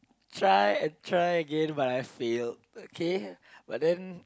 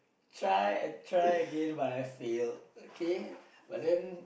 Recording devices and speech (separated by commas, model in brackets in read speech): close-talking microphone, boundary microphone, conversation in the same room